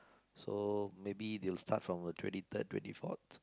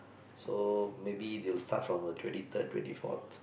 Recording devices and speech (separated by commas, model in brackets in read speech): close-talking microphone, boundary microphone, conversation in the same room